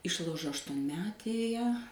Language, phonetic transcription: Lithuanian, ˈišlaužo aštuonˈmetėje

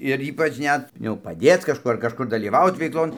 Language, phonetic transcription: Lithuanian, ir ˈypač ˈnet jau paˈdėc kažˈkų ar kažˈkur dalyˈvaut veikˈlon

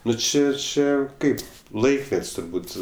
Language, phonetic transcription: Lithuanian, ˈnu ˈči ˈčia ˈkaip ˈlaikmet's' turˈbūt

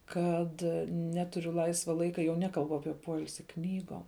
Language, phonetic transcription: Lithuanian, ˈkad ˈneturiu ˈlaisva ˈlaika jau ˈnekalbu ˈapie ˈpoilsi ˈknygom

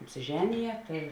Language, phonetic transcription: Lithuanian, apsiˈženije tai

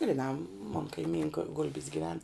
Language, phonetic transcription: Lithuanian, griˈnā mon kaiˈmynka ˈgul'bis giˈven

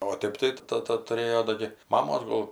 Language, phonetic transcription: Lithuanian, o ˈtėp tai ˈtata tuˈrėjo ˈdo gi ˈmamos ˈgol

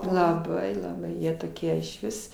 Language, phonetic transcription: Lithuanian, laˈbai laˈbai ˈjie toˈkie išˈvis

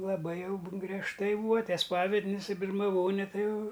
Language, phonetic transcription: Lithuanian, laˈbai ˈjau bu griežˈtai ˈbūa ˈtie ˈspavednis i birmaˈvone ˈtai ˈjau

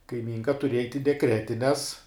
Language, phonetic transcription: Lithuanian, kaiˈmynka tuˈrieja ait' i deˈkretines

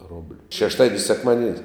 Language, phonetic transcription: Lithuanian, ˈrobliu šešˈtadien's' sekˈmadien's'

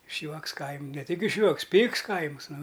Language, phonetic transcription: Lithuanian, išˈjuoks ˈkaim' ne ˈtik išˈjuoks ˈpyks ˈkaimɨs ˈnu

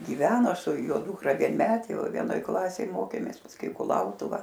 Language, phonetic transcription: Lithuanian, giˈveno su ˈjo ˈdūkra vienˈmetė ˈva vienoˈj ˈklasėj ˈmokėmės pasˈkui i kuˈlautuva

